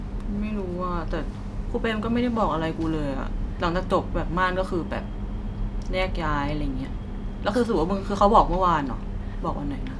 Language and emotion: Thai, frustrated